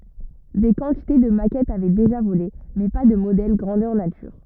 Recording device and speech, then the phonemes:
rigid in-ear microphone, read sentence
de kɑ̃tite də makɛtz avɛ deʒa vole mɛ pa də modɛl ɡʁɑ̃dœʁ natyʁ

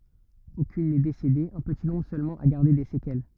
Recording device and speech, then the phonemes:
rigid in-ear microphone, read sentence
okyn nɛ desede œ̃ pəti nɔ̃bʁ sølmɑ̃ a ɡaʁde de sekɛl

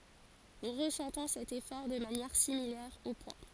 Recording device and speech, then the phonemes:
forehead accelerometer, read sentence
nu ʁəsɑ̃tɔ̃ sɛt efɔʁ də manjɛʁ similɛʁ o pwa

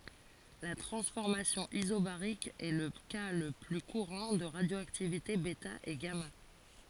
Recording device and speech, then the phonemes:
forehead accelerometer, read sentence
la tʁɑ̃sfɔʁmasjɔ̃ izobaʁik ɛ lə ka lə ply kuʁɑ̃ də ʁadjoaktivite bɛta e ɡama

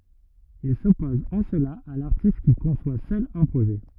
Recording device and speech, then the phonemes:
rigid in-ear microphone, read sentence
il sɔpɔz ɑ̃ səla a laʁtist ki kɔ̃swa sœl œ̃ pʁoʒɛ

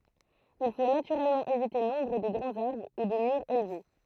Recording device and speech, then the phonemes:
throat microphone, read sentence
il fo natyʁɛlmɑ̃ evite lɔ̃bʁ de ɡʁɑ̃z aʁbʁ u də myʁz elve

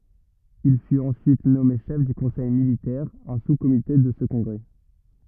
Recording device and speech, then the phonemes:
rigid in-ear microphone, read sentence
il fyt ɑ̃syit nɔme ʃɛf dy kɔ̃sɛj militɛʁ œ̃ suskomite də sə kɔ̃ɡʁɛ

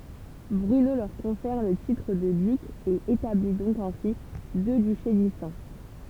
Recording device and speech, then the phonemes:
temple vibration pickup, read sentence
bʁyno lœʁ kɔ̃fɛʁ lə titʁ də dyk e etabli dɔ̃k ɛ̃si dø dyʃe distɛ̃

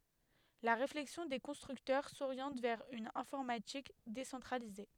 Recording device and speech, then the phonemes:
headset microphone, read sentence
la ʁeflɛksjɔ̃ de kɔ̃stʁyktœʁ soʁjɑ̃t vɛʁ yn ɛ̃fɔʁmatik desɑ̃tʁalize

